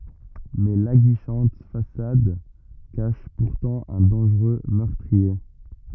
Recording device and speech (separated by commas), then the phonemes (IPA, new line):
rigid in-ear microphone, read sentence
mɛ laɡiʃɑ̃t fasad kaʃ puʁtɑ̃ œ̃ dɑ̃ʒʁø mœʁtʁie